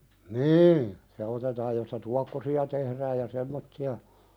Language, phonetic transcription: Finnish, niin , 'se otetaaj josta "tuakkosi₍a tehrääj ja "semmotti₍a ,.
- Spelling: niin se otetaan josta tuokkosia tehdään ja semmoisia

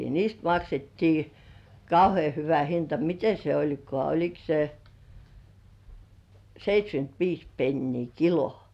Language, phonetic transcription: Finnish, 'niist maksettii "kauhe̳e̳§ 'hyvä hinta "mite se 'oĺkŏà oĺik se , 'seit́śkynt"viis pennii "kilo .
- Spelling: niistä maksettiin kauhean hyvä hinta miten se olikaan oliko se seitsemänkymmentäviisi penniä kilo

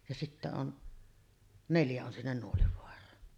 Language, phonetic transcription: Finnish, ja sittä on , "neljä on sinnen 'Nuolivoar̀aan .
- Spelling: ja siitä on neljä on sinne Nuolivaaraan

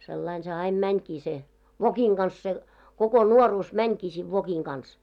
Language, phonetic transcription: Finnish, sellain se 'aim "mäńkii se , 'vokiŋ ɢans se , 'koko "nuoruus 'mäńkii siv 'vokiŋ ɢans .
- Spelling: sillä lailla se aina menikin se vokin kanssa se koko nuoruus menikin siinä vokin kanssa

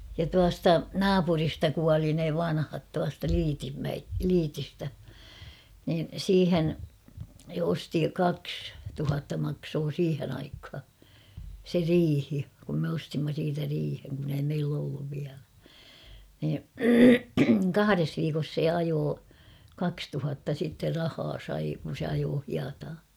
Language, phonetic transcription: Finnish, ja 'tuasta "naapurista 'kuali ne "vanhat tuasta 'Lyytimmäe , "Lyytistä , niin̬ 'siihen , (se) 'osti "kaks , 'tuhatta maksoo 'siihen aikha , se "riihi , kum me 'ostimma siitä 'riiheŋ kun ‿ei 'meill ‿olluv viälä , nii , "kahares viikos 'se "ajoo , 'kakstuhatta sitter "rahaa sai , kun̬ se ajoo 'hiataa .
- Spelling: ja tuosta naapurista kuoli ne vanhat tuosta Lyytinmäen Lyytistä niin siihen se osti kaksi tuhatta maksoi siihen aikaan se riihi kun me ostimme siitä riihen kun ei meillä ollut vielä niin kahdessa viikossa se ajoi kaksituhatta sitten rahaa sai kun se ajoi hietaa

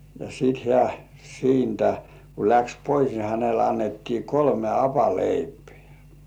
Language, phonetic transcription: Finnish, ja sit hĕä̀ siintä , ku läks 'pois ni hänel annettii "kolme 'hapaleipᴇ̆ᴀ̈̀ .
- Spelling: ja sitten hän siitä kun lähti pois niin hänelle annettiin kolme hapanleipää

